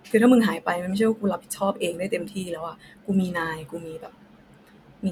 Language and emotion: Thai, frustrated